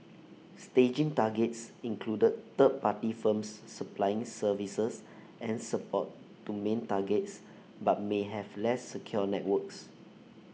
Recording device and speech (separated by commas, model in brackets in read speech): mobile phone (iPhone 6), read sentence